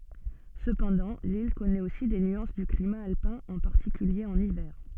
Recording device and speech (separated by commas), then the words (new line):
soft in-ear microphone, read sentence
Cependant, l’île connaît aussi des nuances du climat alpin, en particulier en hiver.